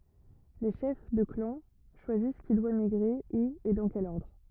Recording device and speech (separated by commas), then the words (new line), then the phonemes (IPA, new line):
rigid in-ear microphone, read sentence
Les chefs de clans choisissent qui doit migrer, où et dans quel ordre.
le ʃɛf də klɑ̃ ʃwazis ki dwa miɡʁe u e dɑ̃ kɛl ɔʁdʁ